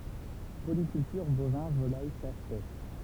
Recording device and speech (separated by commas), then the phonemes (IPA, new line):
temple vibration pickup, read sentence
polikyltyʁ bovɛ̃ volaj ʃas pɛʃ